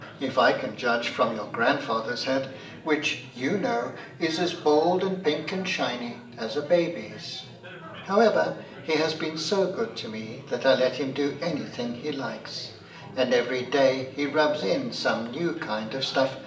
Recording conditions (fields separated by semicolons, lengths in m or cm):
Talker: one person; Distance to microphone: 1.8 m; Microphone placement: close; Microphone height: 1.0 m; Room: large; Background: babble